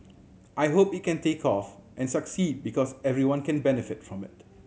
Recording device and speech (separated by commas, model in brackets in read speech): mobile phone (Samsung C7100), read sentence